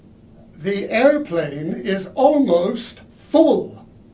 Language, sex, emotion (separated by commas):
English, male, disgusted